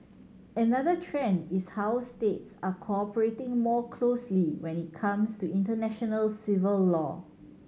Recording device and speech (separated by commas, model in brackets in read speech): mobile phone (Samsung C7100), read sentence